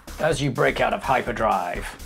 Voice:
trying to do a movie trailer voice